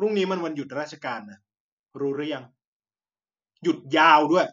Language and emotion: Thai, frustrated